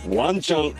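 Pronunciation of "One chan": The intonation rises on 'one chan'.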